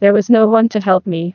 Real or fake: fake